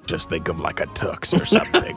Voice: Extremely gravelly/nasally dark voice